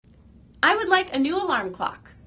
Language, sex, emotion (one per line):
English
female
happy